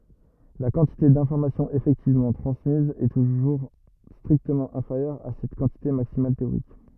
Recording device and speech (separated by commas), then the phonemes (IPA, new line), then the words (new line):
rigid in-ear microphone, read sentence
la kɑ̃tite dɛ̃fɔʁmasjɔ̃z efɛktivmɑ̃ tʁɑ̃smiz ɛ tuʒuʁ stʁiktəmɑ̃ ɛ̃feʁjœʁ a sɛt kɑ̃tite maksimal teoʁik
La quantité d'informations effectivement transmise est toujours strictement inférieure à cette quantité maximale théorique.